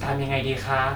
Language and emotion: Thai, neutral